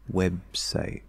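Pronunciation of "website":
In 'website', the speaker goes into the b before the s, and when it is released there is a little bit of a p sound instead.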